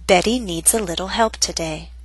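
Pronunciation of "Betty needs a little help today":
The t in 'Betty' is a flap T, the t in 'little' is a flap T, and the t in 'today' is a true T.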